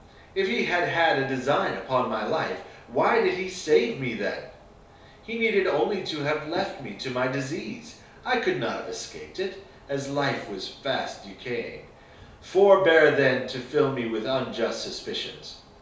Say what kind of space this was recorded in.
A small space (about 3.7 m by 2.7 m).